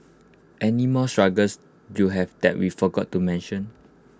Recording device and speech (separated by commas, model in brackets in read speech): close-talking microphone (WH20), read sentence